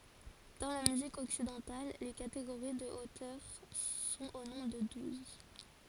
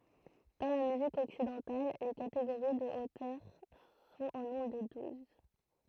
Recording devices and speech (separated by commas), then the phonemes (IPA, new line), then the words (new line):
forehead accelerometer, throat microphone, read sentence
dɑ̃ la myzik ɔksidɑ̃tal le kateɡoʁi də otœʁ sɔ̃t o nɔ̃bʁ də duz
Dans la musique occidentale, les catégories de hauteurs sont au nombre de douze.